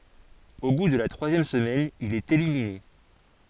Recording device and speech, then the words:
forehead accelerometer, read sentence
Au bout de la troisième semaine, il est éliminé.

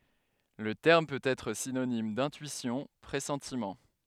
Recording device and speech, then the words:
headset microphone, read sentence
Le terme peut être synonyme d'intuition, pressentiment.

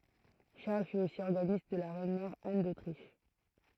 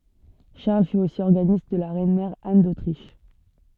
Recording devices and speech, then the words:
throat microphone, soft in-ear microphone, read sentence
Charles fut aussi organiste de la reine-mère Anne d'Autriche.

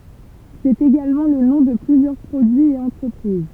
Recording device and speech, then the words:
temple vibration pickup, read sentence
C'est également le nom de plusieurs produits et entreprises.

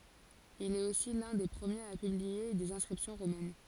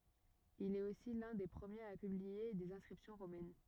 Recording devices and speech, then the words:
forehead accelerometer, rigid in-ear microphone, read sentence
Il est aussi l'un des premiers à publier des inscriptions romaines.

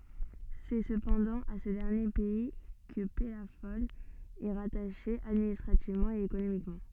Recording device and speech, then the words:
soft in-ear microphone, read sentence
C'est cependant à ce dernier pays que Pellafol est rattaché administrativement et économiquement.

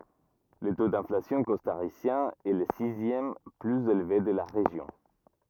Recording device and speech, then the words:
rigid in-ear microphone, read sentence
Le taux d'inflation costaricien est le sixième plus élevé de la région.

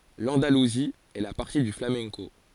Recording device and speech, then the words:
forehead accelerometer, read sentence
L'Andalousie est la patrie du flamenco.

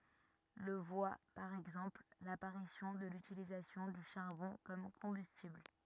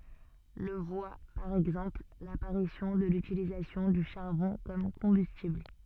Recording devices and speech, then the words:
rigid in-ear microphone, soft in-ear microphone, read sentence
Le voit par exemple, l'apparition de l'utilisation du charbon comme combustible.

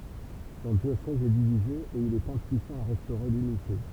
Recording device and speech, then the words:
temple vibration pickup, read sentence
Son diocèse est divisé et il est impuissant à restaurer l'unité.

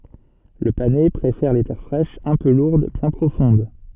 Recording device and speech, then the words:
soft in-ear microphone, read sentence
Le panais préfère les terres fraîches, un peu lourdes, bien profondes.

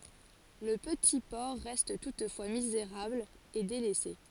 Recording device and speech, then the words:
forehead accelerometer, read sentence
Le petit port reste toutefois misérable et délaissé.

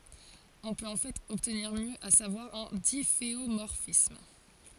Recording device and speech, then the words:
forehead accelerometer, read sentence
On peut en fait obtenir mieux, à savoir un difféomorphisme.

